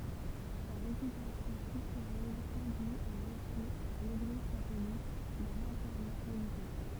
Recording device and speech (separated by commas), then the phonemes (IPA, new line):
temple vibration pickup, read sentence
sa ʁepytasjɔ̃ sylfyʁøz kɔ̃dyi o ʁəfy paʁ leɡliz katolik dœ̃n ɑ̃tɛʁmɑ̃ ʁəliʒjø